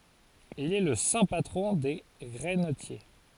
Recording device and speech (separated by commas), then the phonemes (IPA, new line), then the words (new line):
forehead accelerometer, read sentence
il ɛ lə sɛ̃ patʁɔ̃ de ɡʁɛnətje
Il est le saint patron des grainetiers.